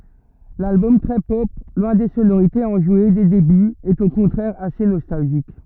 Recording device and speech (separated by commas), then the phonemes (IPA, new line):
rigid in-ear microphone, read sentence
lalbɔm tʁɛ pɔp lwɛ̃ de sonoʁitez ɑ̃ʒwe de debyz ɛt o kɔ̃tʁɛʁ ase nɔstalʒik